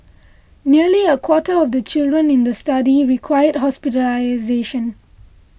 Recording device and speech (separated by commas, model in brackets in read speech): boundary microphone (BM630), read sentence